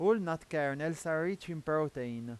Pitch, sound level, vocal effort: 160 Hz, 93 dB SPL, loud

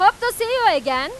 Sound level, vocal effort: 105 dB SPL, very loud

